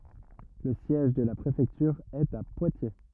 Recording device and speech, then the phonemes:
rigid in-ear microphone, read sentence
lə sjɛʒ də la pʁefɛktyʁ ɛt a pwatje

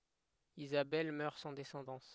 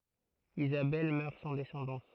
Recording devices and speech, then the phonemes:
headset microphone, throat microphone, read sentence
izabɛl mœʁ sɑ̃ dɛsɑ̃dɑ̃s

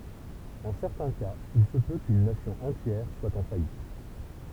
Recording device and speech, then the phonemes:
temple vibration pickup, read sentence
ɑ̃ sɛʁtɛ̃ kaz il sə pø kyn nasjɔ̃ ɑ̃tjɛʁ swa ɑ̃ fajit

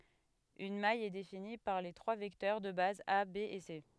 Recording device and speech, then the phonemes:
headset microphone, read sentence
yn maj ɛ defini paʁ le tʁwa vɛktœʁ də baz a be e se

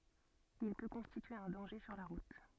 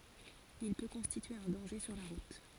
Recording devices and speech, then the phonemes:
soft in-ear microphone, forehead accelerometer, read sentence
il pø kɔ̃stitye œ̃ dɑ̃ʒe syʁ la ʁut

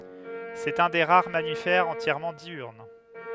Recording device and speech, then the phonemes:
headset microphone, read sentence
sɛt œ̃ de ʁaʁ mamifɛʁz ɑ̃tjɛʁmɑ̃ djyʁn

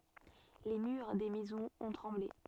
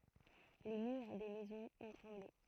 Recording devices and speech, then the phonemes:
soft in-ear microphone, throat microphone, read sentence
le myʁ de mɛzɔ̃z ɔ̃ tʁɑ̃ble

